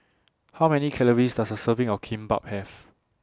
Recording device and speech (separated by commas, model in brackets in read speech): standing microphone (AKG C214), read sentence